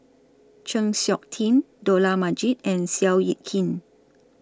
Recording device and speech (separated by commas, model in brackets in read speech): standing microphone (AKG C214), read sentence